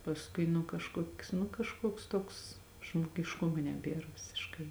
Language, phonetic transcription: Lithuanian, pasˈkui nu kažˈkuok's nu kažˈkuoks ˈtuoks žmogišˈkumo neˈbėr visišˈkai

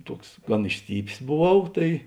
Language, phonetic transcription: Lithuanian, ˈtuoks ˈgan išˈstypės boˈvau ˈtai

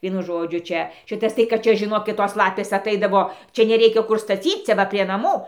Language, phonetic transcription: Lithuanian, ˈvienu ˈžodžiu ˈčia ˈšitas tai kad ˈčia žiˈnokit ˈtos ˈlapės aˈtaidavo ˈčia neˈreikia ˈkur staˈcyc ˈcia ˈva prie naˈmų

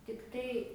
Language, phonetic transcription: Lithuanian, tikˈtai

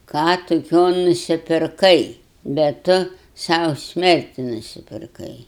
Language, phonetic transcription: Lithuanian, ˈką tuˈkio nusipirˈkai bet ˈtu ˈsau ˈsmerti nusipirˈkai

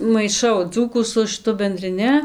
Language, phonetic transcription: Lithuanian, maiˈšau ˈdzūkų su šɨˈtu bendriˈni

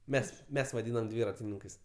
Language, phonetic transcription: Lithuanian, ˈmes ˈmes vaˈdynam ˈdvyratininkais

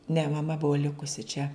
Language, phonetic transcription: Lithuanian, ne maˈma ˈbuvo ˈlikusi čia

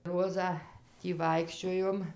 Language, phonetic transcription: Lithuanian, ˈrozą ˈtį ˈvaikščiojom

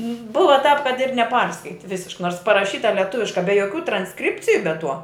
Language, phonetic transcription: Lithuanian, ˈbuva tāp kad ir neˈparskaiti ˈvisišk nors paraˈšyta leˈtuviška be joˈkių transˈkripciju be ˈtuo

